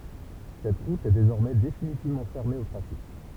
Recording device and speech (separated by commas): temple vibration pickup, read sentence